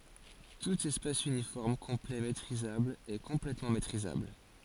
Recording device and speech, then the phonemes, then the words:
forehead accelerometer, read sentence
tut ɛspas ynifɔʁm kɔ̃plɛ metʁizabl ɛ kɔ̃plɛtmɑ̃ metʁizabl
Tout espace uniforme complet métrisable est complètement métrisable.

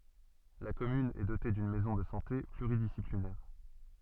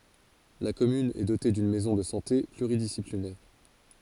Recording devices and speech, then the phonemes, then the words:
soft in-ear microphone, forehead accelerometer, read sentence
la kɔmyn ɛ dote dyn mɛzɔ̃ də sɑ̃te plyʁidisiplinɛʁ
La commune est dotée d'une maison de santé pluridisciplinaire.

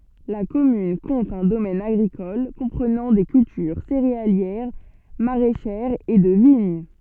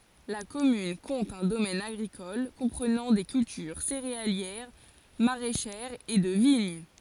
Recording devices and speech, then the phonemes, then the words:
soft in-ear microphone, forehead accelerometer, read sentence
la kɔmyn kɔ̃t œ̃ domɛn aɡʁikɔl kɔ̃pʁənɑ̃ de kyltyʁ seʁealjɛʁ maʁɛʃɛʁz e də viɲ
La commune compte un domaine agricole comprenant des cultures céréalières, maraîchères et de vignes.

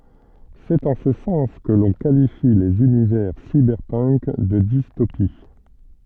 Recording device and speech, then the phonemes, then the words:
soft in-ear microphone, read sentence
sɛt ɑ̃ sə sɑ̃s kə lɔ̃ kalifi lez ynivɛʁ sibɛʁpənk də distopi
C'est en ce sens que l'on qualifie les univers cyberpunk de dystopies.

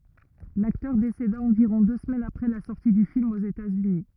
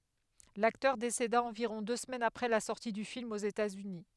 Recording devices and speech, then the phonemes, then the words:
rigid in-ear microphone, headset microphone, read sentence
laktœʁ deseda ɑ̃viʁɔ̃ dø səmɛnz apʁɛ la sɔʁti dy film oz etatsyni
L'acteur décéda environ deux semaines après la sortie du film aux États-Unis.

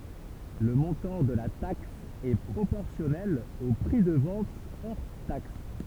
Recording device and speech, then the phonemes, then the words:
temple vibration pickup, read sentence
lə mɔ̃tɑ̃ də la taks ɛ pʁopɔʁsjɔnɛl o pʁi də vɑ̃t ɔʁ taks
Le montant de la taxe est proportionnel au prix de vente hors taxe.

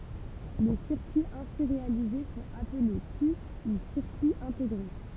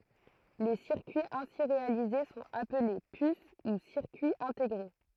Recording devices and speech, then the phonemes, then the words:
temple vibration pickup, throat microphone, read sentence
le siʁkyiz ɛ̃si ʁealize sɔ̃t aple pys u siʁkyiz ɛ̃teɡʁe
Les circuits ainsi réalisés sont appelés puces ou circuits intégrés.

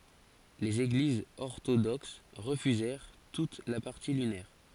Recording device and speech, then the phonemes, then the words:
forehead accelerometer, read sentence
lez eɡlizz ɔʁtodoks ʁəfyzɛʁ tut la paʁti lynɛʁ
Les Églises orthodoxes refusèrent toutes la partie lunaire.

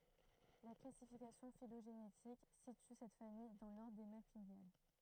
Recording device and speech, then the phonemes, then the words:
throat microphone, read sentence
la klasifikasjɔ̃ filoʒenetik sity sɛt famij dɑ̃ lɔʁdʁ de malpiɡjal
La classification phylogénétique situe cette famille dans l'ordre des Malpighiales.

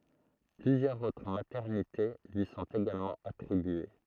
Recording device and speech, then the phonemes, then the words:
throat microphone, read sentence
plyzjœʁz otʁ matɛʁnite lyi sɔ̃t eɡalmɑ̃ atʁibye
Plusieurs autres maternités lui sont également attribuées.

